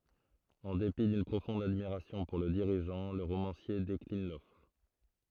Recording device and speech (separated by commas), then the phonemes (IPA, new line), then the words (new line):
throat microphone, read sentence
ɑ̃ depi dyn pʁofɔ̃d admiʁasjɔ̃ puʁ lə diʁiʒɑ̃ lə ʁomɑ̃sje deklin lɔfʁ
En dépit d'une profonde admiration pour le dirigeant, le romancier décline l'offre.